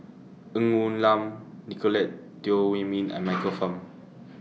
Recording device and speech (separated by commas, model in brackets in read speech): mobile phone (iPhone 6), read sentence